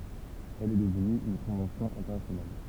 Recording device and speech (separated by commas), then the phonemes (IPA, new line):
temple vibration pickup, read sentence
ɛl ɛ dəvny yn kɔ̃vɑ̃sjɔ̃ ɛ̃tɛʁnasjonal